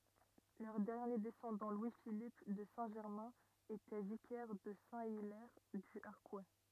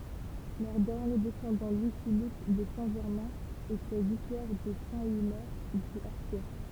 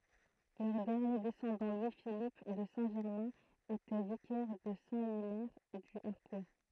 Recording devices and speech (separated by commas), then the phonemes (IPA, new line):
rigid in-ear microphone, temple vibration pickup, throat microphone, read sentence
lœʁ dɛʁnje dɛsɑ̃dɑ̃ lwi filip də sɛ̃ ʒɛʁmɛ̃ etɛ vikɛʁ də sɛ̃ ilɛʁ dy aʁkw